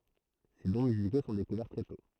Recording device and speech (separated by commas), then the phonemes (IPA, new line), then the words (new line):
throat microphone, read sentence
se dɔ̃ myziko sɔ̃ dekuvɛʁ tʁɛ tɔ̃
Ses dons musicaux sont découverts très tôt.